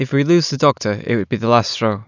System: none